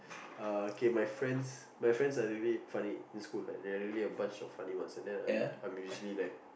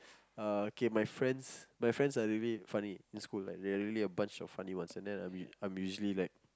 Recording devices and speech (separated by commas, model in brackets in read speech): boundary microphone, close-talking microphone, conversation in the same room